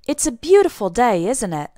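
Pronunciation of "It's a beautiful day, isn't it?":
The voice goes down at the end of 'isn't it', not up, so the tag sounds like a statement that expects agreement rather than a real question.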